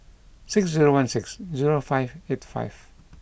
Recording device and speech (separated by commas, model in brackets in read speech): boundary microphone (BM630), read sentence